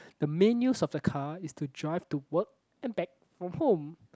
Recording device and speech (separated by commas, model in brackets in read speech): close-talking microphone, conversation in the same room